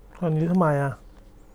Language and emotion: Thai, neutral